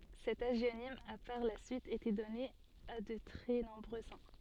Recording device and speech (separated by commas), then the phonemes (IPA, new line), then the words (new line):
soft in-ear microphone, read sentence
sɛt aʒjonim a paʁ la syit ete dɔne a də tʁɛ nɔ̃bʁø sɛ̃
Cet hagionyme a par la suite été donné à de très nombreux saints.